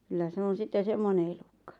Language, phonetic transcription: Finnish, kyllä 'se on̬ sitte 'semmone elukkᴀ .
- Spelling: kyllä se on sitten semmoinen elukka

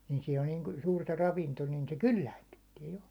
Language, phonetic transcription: Finnish, ni sin on niin suurta 'ravinto nin se "kylläinnyttiɛ jo .
- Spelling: niin siinä on niin suurta ravinto niin se kylläännyttää jo

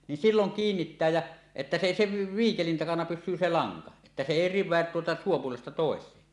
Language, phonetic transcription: Finnish, nin 'silloŋ "kiinnittää jä , että se èi , se 'viikelin 'takana 'pys̆syy se "laŋka että se "èi "riv̆veät tuota suupuolesta tòesee .
- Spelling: niin silloin kiinnittää ja että se ei se viikelin takana pysy se lanka että se ei riveä tuota suupuolesta toiseen

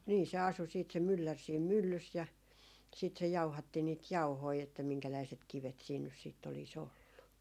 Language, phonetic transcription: Finnish, nii se 'asu siit se 'myllär siim "myllys ja , siit se 'jauhatti niit "jauhoi että 'miŋkäläiset 'kivet siin nys siitt ‿oli's ‿ollu .
- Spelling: niin se asui sitten se mylläri siinä myllyssä ja sitten se jauhatti niitä jauhoja että minkäläiset kivet siinä nyt sitten olisi ollut

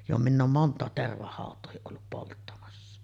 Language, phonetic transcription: Finnish, jo minⁿ ‿oom 'mont̀àet 'tervahàot̆toohiˀ ˀollup polttamassa .
- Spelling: jo minä olen monta tervahautaakin ollut polttamassa

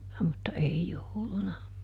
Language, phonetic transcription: Finnish, mutta ˈei "jouluna .
- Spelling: mutta ei jouluna

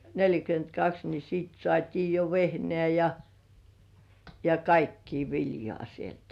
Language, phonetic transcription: Finnish, 'neĺjäkyent"kaks ni siit 'sŏàt́ii jo "vehnĕä̀ ja , ja "kaikkii 'viljŏà sieltᴀ̈ .
- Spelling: neljäkymmentäkaksi niin sitten saatiin jo vehnää ja ja kaikkea viljaa sieltä

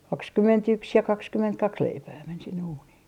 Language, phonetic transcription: Finnish, 'kakskymment₍yks ja 'kakskymmentkaks 'leipää men sinne uunii .
- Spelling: kaksikymmentäyksi ja kaksikymmentäkaksi leipää meni sinne uuniin

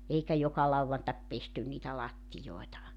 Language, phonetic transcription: Finnish, 'eikä 'joka lauwantak 'pestyn niitä 'lattijoi̬ta .
- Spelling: eikä joka lauantai pesty niitä lattioita

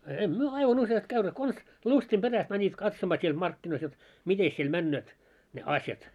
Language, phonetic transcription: Finnish, 'em 'myö "aivan 'usjast käyneet kons , "lustim 'ʙeräst mäńit 'katsomaa siel 'markkinois jot , "mites siel 'männööt , ne "asjat .
- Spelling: emme me aivan useasti käyneet konsa lystin perästä menivät katsomaan siellä markkinoissa jotta mitenkäs siellä menevät ne asiat

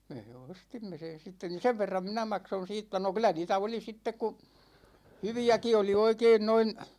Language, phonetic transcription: Finnish, mee 'ostimme sen̬ sitten ni 'sev verram 'minä 'makson̬ 'siittä no 'kyl̆lä niitä 'oli 'sittek ku , 'hyvi₍äki oli 'oikein noin ,.
- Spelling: me ostimme sen sitten niin sen verran minä maksoin siitä no kyllä niitä oli sitten kun hyviäkin oli oikein noin

